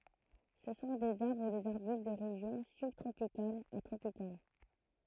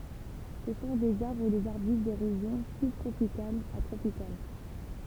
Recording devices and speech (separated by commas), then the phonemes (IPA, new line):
throat microphone, temple vibration pickup, read sentence
sə sɔ̃ dez aʁbʁ u dez aʁbyst de ʁeʒjɔ̃ sybtʁopikalz a tʁopikal